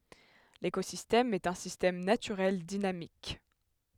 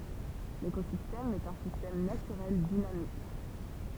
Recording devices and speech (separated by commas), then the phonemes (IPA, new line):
headset microphone, temple vibration pickup, read sentence
lekozistɛm ɛt œ̃ sistɛm natyʁɛl dinamik